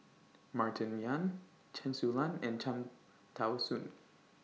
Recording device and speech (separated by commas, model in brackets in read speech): mobile phone (iPhone 6), read sentence